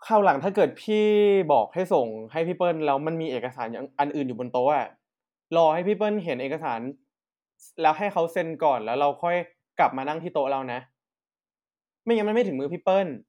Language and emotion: Thai, frustrated